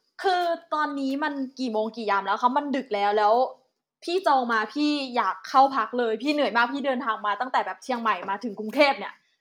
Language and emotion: Thai, frustrated